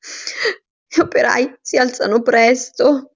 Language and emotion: Italian, sad